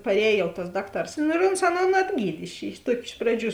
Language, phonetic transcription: Lithuanian, parˈēj jau tas ˈdakˌtars ˈnu ir ons ˈaˌnon atˈgyd' iš iš ˈtuoki ˈiš praˌdžių

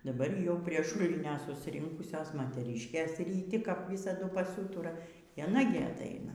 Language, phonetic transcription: Lithuanian, daˈbar jau prie ˈšulinio susiˈrinkusios moteˈryškės ryˈti kap ˈvysadu paˈsūtura y aˈna gi aˈtaina

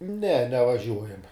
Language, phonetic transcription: Lithuanian, ne nevaˈžiuojam'

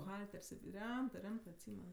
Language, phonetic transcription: Lithuanian, buˈhalter's' ˈremtɜ ˈremtɜ atˈsymen

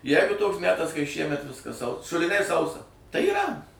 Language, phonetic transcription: Lithuanian, ˈjegu ˈtoks ˈmetas kai ˈšiemet ˈviskas sau šuliˈniai ˈsausa tai yˈra

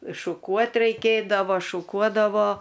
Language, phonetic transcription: Lithuanian, iššuˈkuot reiˈkėdavo šuˈkuodavo

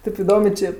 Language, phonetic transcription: Lithuanian, ˈtėp iˈdomė ˈčė

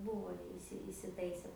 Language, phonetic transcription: Lithuanian, ˈbūvo jau iˈsi isiˈtaise

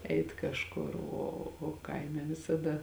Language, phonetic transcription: Lithuanian, ˈeit kažˈkur ˈo o ˈkaime visaˈda

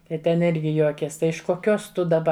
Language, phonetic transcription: Lithuanian, tai ˈten ˈirgi ˈjuokės ˈtai iš koˈkios ˈtu daˈba

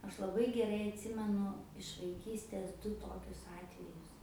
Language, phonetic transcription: Lithuanian, ˈaš laˈbai geˈrai atˈsimenu iš vaiˈkystės ˈdu ˈtokius ˈatvejus

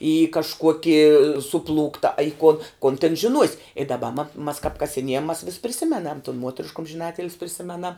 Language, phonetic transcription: Lithuanian, į kažˈkuokį suˈplūkta a i kuon kon ten žiˈnuos' i daˈba ma mas kap kasiˈniejam mas vis priˈsimenam tun ˈmuotrišk umžiˈnatil's priˈsimenam

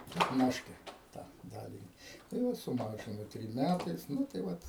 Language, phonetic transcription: Lithuanian, petˈnaške ˈtą ˈdalini tai ˈva suˈmažinu ˈtrim ˈmætais ˈnu tai ˈvat

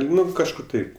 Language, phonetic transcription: Lithuanian, ˈnu kažˈkur ˈtaip

